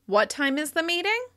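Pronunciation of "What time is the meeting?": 'What time is the meeting?' is said with rising intonation, as a repeated question checking to be sure.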